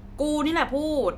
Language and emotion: Thai, angry